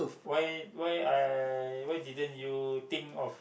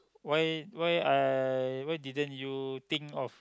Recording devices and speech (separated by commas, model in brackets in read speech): boundary microphone, close-talking microphone, conversation in the same room